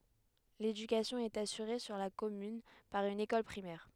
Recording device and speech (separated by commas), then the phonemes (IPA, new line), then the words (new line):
headset microphone, read sentence
ledykasjɔ̃ ɛt asyʁe syʁ la kɔmyn paʁ yn ekɔl pʁimɛʁ
L'éducation est assurée sur la commune par une école primaire.